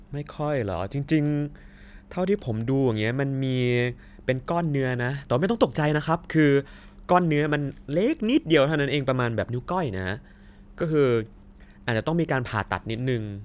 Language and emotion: Thai, neutral